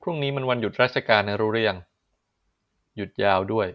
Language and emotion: Thai, neutral